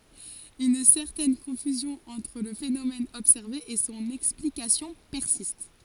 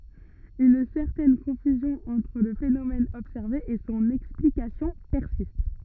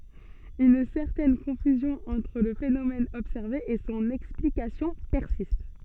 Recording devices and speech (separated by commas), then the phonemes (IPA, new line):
forehead accelerometer, rigid in-ear microphone, soft in-ear microphone, read sentence
yn sɛʁtɛn kɔ̃fyzjɔ̃ ɑ̃tʁ lə fenomɛn ɔbsɛʁve e sɔ̃n ɛksplikasjɔ̃ pɛʁsist